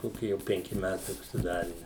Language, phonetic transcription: Lithuanian, ˈkoki jau penˈki ˈmætai užsiˈdari

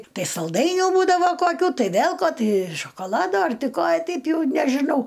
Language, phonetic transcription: Lithuanian, ˈtai salˈdainių ˈbūdava koˈkių ˈtai ˈvėl ˈko ˈtai šokoˈlado ˈar ˈtai ˈko ˈteip ˈjau nežiˈnau

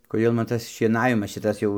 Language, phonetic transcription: Lithuanian, koˈdėl man ˈtas šieˈnavimas ˈšitas jau

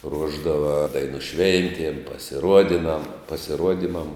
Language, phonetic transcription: Lithuanian, ˈruošdava ˈdainu ˈšventiem pasiˈruodinam pasiˈruodimam

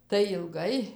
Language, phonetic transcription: Lithuanian, tai ilˈgai

